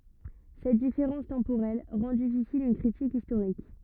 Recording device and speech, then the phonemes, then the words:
rigid in-ear microphone, read sentence
sɛt difeʁɑ̃s tɑ̃poʁɛl ʁɑ̃ difisil yn kʁitik istoʁik
Cette différence temporelle rend difficile une critique historique.

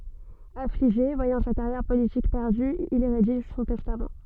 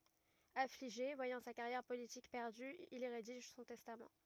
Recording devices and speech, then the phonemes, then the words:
soft in-ear microphone, rigid in-ear microphone, read sentence
afliʒe vwajɑ̃ sa kaʁjɛʁ politik pɛʁdy il i ʁediʒ sɔ̃ tɛstam
Affligé, voyant sa carrière politique perdue, il y rédige son testament.

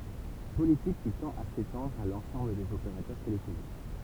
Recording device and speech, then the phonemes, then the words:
temple vibration pickup, read sentence
politik ki tɑ̃t a setɑ̃dʁ a lɑ̃sɑ̃bl dez opeʁatœʁ telefonik
Politique qui tend à s'étendre à l'ensemble des opérateurs téléphoniques.

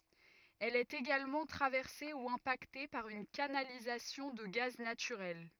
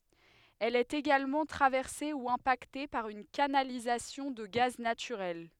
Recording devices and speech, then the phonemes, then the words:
rigid in-ear microphone, headset microphone, read sentence
ɛl ɛt eɡalmɑ̃ tʁavɛʁse u ɛ̃pakte paʁ yn kanalizasjɔ̃ də ɡaz natyʁɛl
Elle est également traversée ou impactée par une canalisation de gaz naturel.

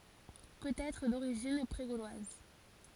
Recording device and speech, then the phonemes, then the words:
forehead accelerometer, read sentence
pøt ɛtʁ doʁiʒin pʁe ɡolwaz
Peut-être d'origine pré-gauloise.

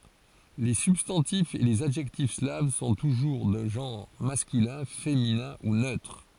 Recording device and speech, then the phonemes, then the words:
forehead accelerometer, read sentence
le sybstɑ̃tifz e lez adʒɛktif slav sɔ̃ tuʒuʁ də ʒɑ̃ʁ maskylɛ̃ feminɛ̃ u nøtʁ
Les substantifs et les adjectifs slaves sont toujours de genre masculin, féminin ou neutre.

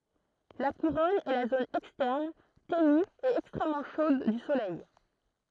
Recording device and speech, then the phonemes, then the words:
throat microphone, read sentence
la kuʁɔn ɛ la zon ɛkstɛʁn teny e ɛkstʁɛmmɑ̃ ʃod dy solɛj
La couronne est la zone externe, ténue et extrêmement chaude du Soleil.

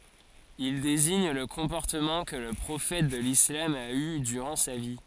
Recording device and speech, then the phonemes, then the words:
forehead accelerometer, read sentence
il deziɲ lə kɔ̃pɔʁtəmɑ̃ kə lə pʁofɛt də lislam a y dyʁɑ̃ sa vi
Il désigne le comportement que le prophète de l'islam a eu durant sa vie.

